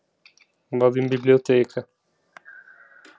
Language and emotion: Italian, sad